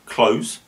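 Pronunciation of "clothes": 'Clothes' is pronounced incorrectly here, without the th sound.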